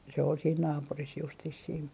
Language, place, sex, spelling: Finnish, Artjärvi, female, se oli siinä naapurissa justiin siinä
- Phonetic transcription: se ol siin 'naapuris justis siin .

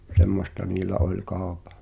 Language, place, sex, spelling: Finnish, Pihtipudas, male, semmoista niillä oli kaupan
- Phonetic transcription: 'semmosta niilä 'oĺ "kàopᴀ .

